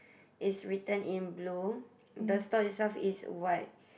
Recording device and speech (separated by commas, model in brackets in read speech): boundary microphone, conversation in the same room